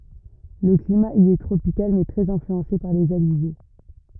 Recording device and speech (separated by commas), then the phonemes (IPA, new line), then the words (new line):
rigid in-ear microphone, read sentence
lə klima i ɛ tʁopikal mɛ tʁɛz ɛ̃flyɑ̃se paʁ lez alize
Le climat y est tropical mais très influencé par les alizés.